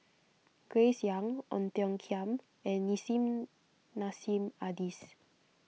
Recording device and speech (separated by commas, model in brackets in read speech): mobile phone (iPhone 6), read sentence